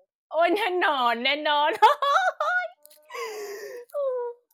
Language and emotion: Thai, happy